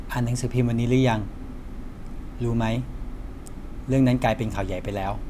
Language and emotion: Thai, neutral